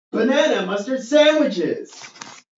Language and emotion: English, neutral